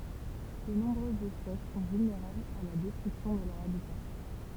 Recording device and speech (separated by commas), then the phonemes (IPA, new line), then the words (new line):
temple vibration pickup, read sentence
də nɔ̃bʁøzz ɛspɛs sɔ̃ vylneʁablz a la dɛstʁyksjɔ̃ də lœʁ abita
De nombreuses espèces sont vulnérables à la destruction de leur habitat.